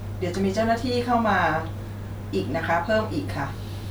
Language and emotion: Thai, neutral